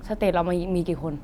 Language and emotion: Thai, neutral